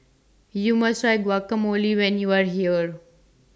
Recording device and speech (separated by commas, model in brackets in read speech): standing microphone (AKG C214), read sentence